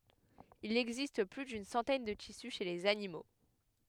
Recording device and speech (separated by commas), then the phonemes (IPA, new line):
headset microphone, read sentence
il ɛɡzist ply dyn sɑ̃tɛn də tisy ʃe lez animo